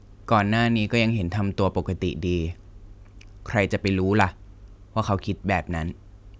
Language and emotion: Thai, neutral